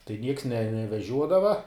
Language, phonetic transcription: Lithuanian, tai nieks ne neveˈžiuodava

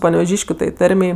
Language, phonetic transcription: Lithuanian, paneveˈžyškiu tai ˈtarmei

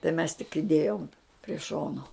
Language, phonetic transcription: Lithuanian, tai mes tik iˈdėjom prie ˈšono

